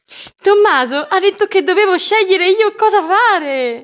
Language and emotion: Italian, happy